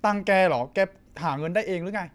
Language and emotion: Thai, frustrated